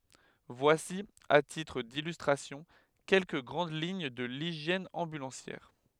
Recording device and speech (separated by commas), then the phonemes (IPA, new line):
headset microphone, read sentence
vwasi a titʁ dilystʁasjɔ̃ kɛlkə ɡʁɑ̃d liɲ də liʒjɛn ɑ̃bylɑ̃sjɛʁ